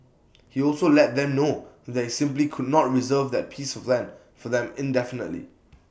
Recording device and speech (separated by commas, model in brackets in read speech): boundary microphone (BM630), read sentence